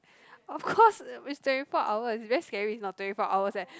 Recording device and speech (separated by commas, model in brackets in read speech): close-talking microphone, conversation in the same room